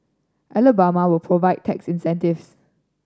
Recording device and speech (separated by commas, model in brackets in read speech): standing microphone (AKG C214), read sentence